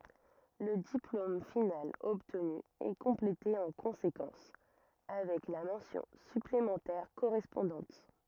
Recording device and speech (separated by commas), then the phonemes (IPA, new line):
rigid in-ear microphone, read sentence
lə diplom final ɔbtny ɛ kɔ̃plete ɑ̃ kɔ̃sekɑ̃s avɛk la mɑ̃sjɔ̃ syplemɑ̃tɛʁ koʁɛspɔ̃dɑ̃t